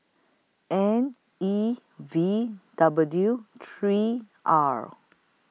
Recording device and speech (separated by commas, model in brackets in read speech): mobile phone (iPhone 6), read sentence